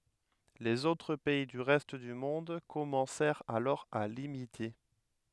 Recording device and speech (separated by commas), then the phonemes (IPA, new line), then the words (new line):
headset microphone, read sentence
lez otʁ pɛi dy ʁɛst dy mɔ̃d kɔmɑ̃sɛʁt alɔʁ a limite
Les autres pays du reste du monde commencèrent alors à l'imiter.